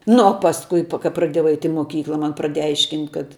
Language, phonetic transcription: Lithuanian, nu o pasˈkui pa ka praˈdiejau ˈait' i ˈmokykla ˈman praˈdėja ˈaiškint' kad

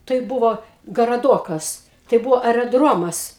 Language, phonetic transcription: Lithuanian, tai ˈbuvo garaˈdokas tai ˈbuvo areˈdromas

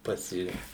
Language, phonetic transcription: Lithuanian, ˈpasi

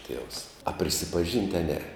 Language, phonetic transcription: Lithuanian, ˈtievs a prisipaˈžynt' a ˈne

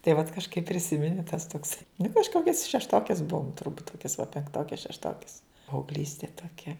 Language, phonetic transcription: Lithuanian, tai vat kažˈkaip priˈsimeni tas toks nu kažˈkokias šešˈtokes ˈbuvom turˈbūt ˈkokias va penkˈtokes šešˈtokes paaugˈlystė toˈkia

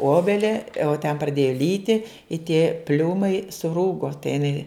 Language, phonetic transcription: Lithuanian, ˈobelia o ten praˈdėja ˈlyti i tė ˈpliūmai suˈrūgo tai iˈnai

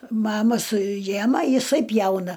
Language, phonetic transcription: Lithuanian, ˈmama suˈjema jiˈsai ˈpjauna

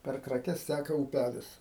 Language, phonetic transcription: Lithuanian, per kraˈkes ˈtæka ūˈpælis

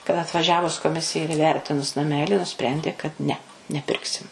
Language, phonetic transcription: Lithuanian, kad atvaˈžiavus koˈmisija ir įˈvertinus naˈmeli nuˈsprendė kad ne neˈpirksim

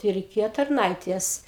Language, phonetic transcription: Lithuanian, tai reiˈkėjo tarˈnaitės

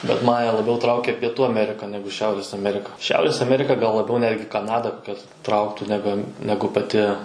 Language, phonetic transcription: Lithuanian, bet ˈmane laˈbiau ˈtraukia pieˈtų aˈmerika ˈnegu ˈšiaurės aˈmerika ˈšiaurės aˈmerika gal laˈbiau ˈnetgi kaˈnada ˈkas ˈtrauktų neˈben neˈgu paˈti

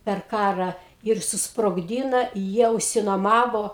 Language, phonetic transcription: Lithuanian, per ˈkarą ir susprogˈdyna ˈjie užsinuoˈmavo

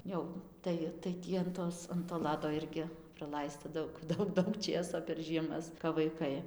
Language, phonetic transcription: Lithuanian, ˈjau ˈtai tai ˈtį an ˈtos an to ˈlado ˈirgi praˈlaista ˈdaug ˈdaug ˈdaug ˈčėso per žieˈmas kap vaiˈkai

